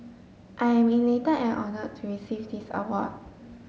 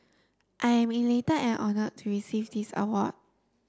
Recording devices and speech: mobile phone (Samsung S8), standing microphone (AKG C214), read sentence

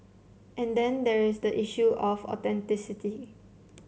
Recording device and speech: mobile phone (Samsung C7), read sentence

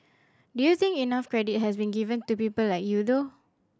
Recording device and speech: standing microphone (AKG C214), read sentence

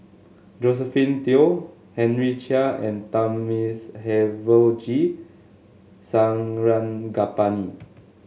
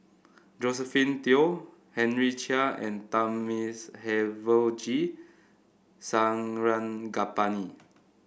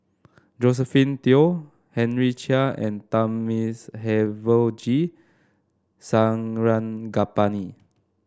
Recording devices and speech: mobile phone (Samsung S8), boundary microphone (BM630), standing microphone (AKG C214), read sentence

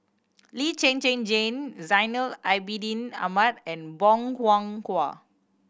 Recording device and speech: boundary microphone (BM630), read sentence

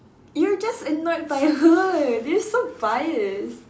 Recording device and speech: standing microphone, conversation in separate rooms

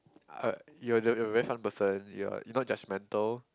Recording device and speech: close-talking microphone, conversation in the same room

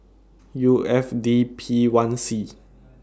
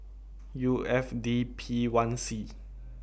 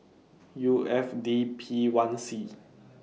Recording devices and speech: standing microphone (AKG C214), boundary microphone (BM630), mobile phone (iPhone 6), read sentence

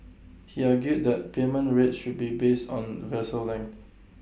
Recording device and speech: boundary microphone (BM630), read sentence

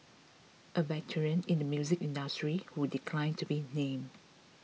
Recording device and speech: mobile phone (iPhone 6), read sentence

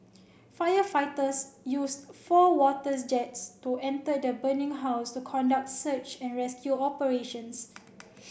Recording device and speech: boundary microphone (BM630), read sentence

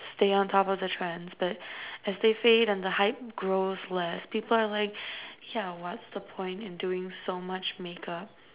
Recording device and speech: telephone, conversation in separate rooms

